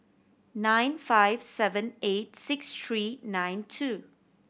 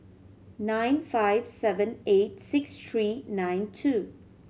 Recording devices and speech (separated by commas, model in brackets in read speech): boundary microphone (BM630), mobile phone (Samsung C7100), read sentence